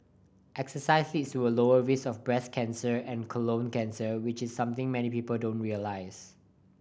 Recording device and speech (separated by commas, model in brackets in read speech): boundary microphone (BM630), read sentence